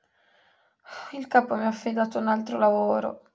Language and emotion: Italian, sad